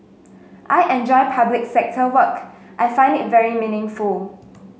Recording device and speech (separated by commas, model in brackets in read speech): mobile phone (Samsung S8), read sentence